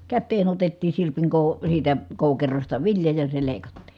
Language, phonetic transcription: Finnish, kätteen ‿otettiin̬ sirpiŋ kòu- , siitä , kòukerosta vilja ja se lèi̮kattI .
- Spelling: käteen otettiin sirpin - siitä koukerosta vilja ja se leikattiin

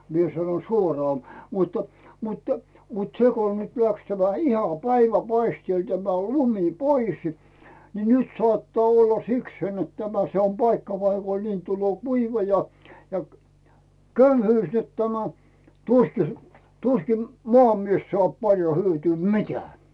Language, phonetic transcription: Finnish, 'mie sano "suoraa , muttᴀ , muttᴀ , mut 'seko nyt läks tämä 'iha "päivä'paistièl tämä 'lumi "poisɪ , ni 'nyt sᵒàttaa olla "sikseen net tämä 'se om "paikka paikon 'niin tulloo "kuiva ja , ja , "köyhyys net tämä , 'tuski , 'tuskim "moamies soàp 'paljo hyötyy "mi̬teää .
- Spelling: minä sanoin suoraan mutta mutta mutta se kun nyt lähti tämä ihan päivänpaisteella tämä lumi pois niin nyt saattaa olla sikseen että tämä se on paikka paikoin niin tulee kuiva ja ja köyhyys että tämä tuskin tuskin maamies saa paljon hyötyä mitään

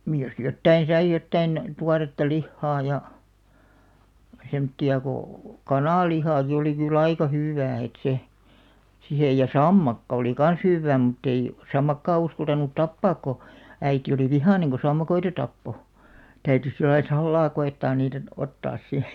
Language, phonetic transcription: Finnish, 'niij jos 'jottain̬ sai 'jottain 'tuaretta "lihhaa ja , 'semᵒtti₍a ko , "kanàllihàki oli ky"l ‿aika 'hỳw̆§wää et 'se , 'sihej ja "sammakka oli 'kan̬s "hywwää mut't ‿ei , 'sammakkaa 'uskaltanut "tappaak ko , 'äiti oli "vihàneŋ ko 'sammakoita 'tappo , 'täytys̆ sillai "sallaa 'ko₍ettaan niit(ä) , 'ottaas si .
- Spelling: niin jos jotakin sai jotakin tuoretta lihaa ja semmoista kun kananlihakin oli kyllä aika hyvää että se siihen ja sammakko oli kanssa hyvää mutta ei sammakkoa uskaltanut tappaa kun äiti oli vihainen kun sammakoita tappoi täytyi sillä lailla salaa koettaa niitä ottaa sitten

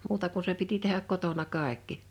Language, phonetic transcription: Finnish, 'muuta ku se piti tehäk 'kotona 'kàekki .
- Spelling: muuta kuin se piti tehdä kotona kaikki

